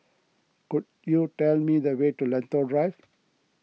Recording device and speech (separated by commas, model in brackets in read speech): mobile phone (iPhone 6), read sentence